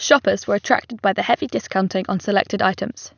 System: none